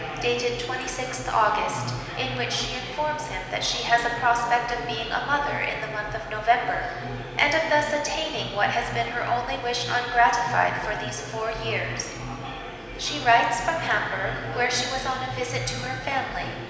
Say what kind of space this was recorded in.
A very reverberant large room.